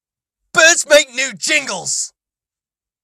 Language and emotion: English, disgusted